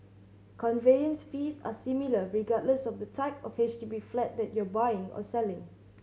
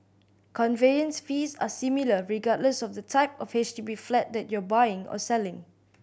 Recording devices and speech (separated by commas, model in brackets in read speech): mobile phone (Samsung C7100), boundary microphone (BM630), read sentence